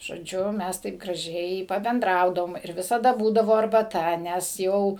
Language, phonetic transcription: Lithuanian, žoˈdžiu ˈmæs taip graˈžiai pabenˈdraudavom ir ˈvisada ˈbūdavo arbaˈta ˈnes ˈjau

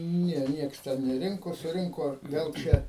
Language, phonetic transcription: Lithuanian, ˈne ˈnieks ˈten neˈrinko suˈrinko vel ˈčia

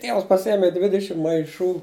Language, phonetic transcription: Lithuanian, ˈtievas paˈsiemi ˈdvidišim maiˈšų

